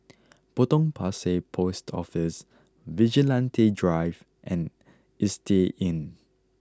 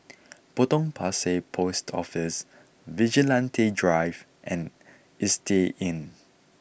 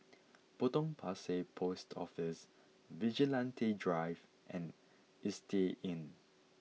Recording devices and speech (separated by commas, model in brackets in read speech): close-talking microphone (WH20), boundary microphone (BM630), mobile phone (iPhone 6), read sentence